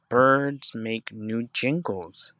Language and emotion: English, happy